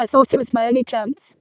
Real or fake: fake